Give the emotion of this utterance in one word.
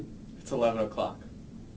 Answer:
neutral